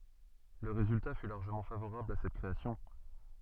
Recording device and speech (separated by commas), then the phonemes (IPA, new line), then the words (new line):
soft in-ear microphone, read sentence
lə ʁezylta fy laʁʒəmɑ̃ favoʁabl a sɛt kʁeasjɔ̃
Le résultat fut largement favorable à cette création.